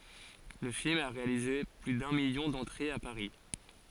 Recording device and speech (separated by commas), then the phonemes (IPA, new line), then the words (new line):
forehead accelerometer, read sentence
lə film a ʁealize ply dœ̃ miljɔ̃ dɑ̃tʁez a paʁi
Le film a réalisé plus d'un million d'entrées à Paris.